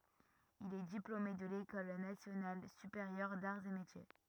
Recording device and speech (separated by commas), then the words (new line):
rigid in-ear microphone, read sentence
Il est diplômé de l'École nationale supérieure d'arts et métiers.